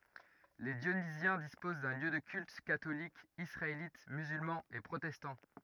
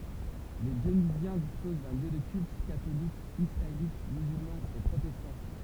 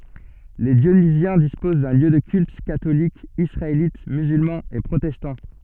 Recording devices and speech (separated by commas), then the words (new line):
rigid in-ear microphone, temple vibration pickup, soft in-ear microphone, read sentence
Les Dionysiens disposent de lieux de culte catholique, israélite, musulman et protestant.